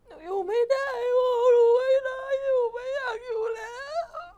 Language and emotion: Thai, sad